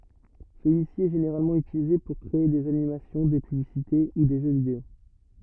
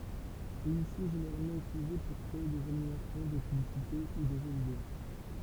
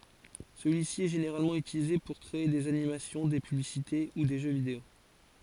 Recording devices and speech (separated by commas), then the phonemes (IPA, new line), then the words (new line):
rigid in-ear microphone, temple vibration pickup, forehead accelerometer, read sentence
səlyisi ɛ ʒeneʁalmɑ̃ ytilize puʁ kʁee dez animasjɔ̃ de pyblisite u de ʒø video
Celui-ci est généralement utilisé pour créer des animations, des publicités ou des jeux vidéo.